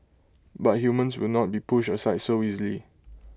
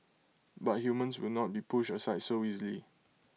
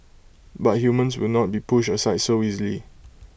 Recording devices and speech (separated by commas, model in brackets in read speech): close-talking microphone (WH20), mobile phone (iPhone 6), boundary microphone (BM630), read sentence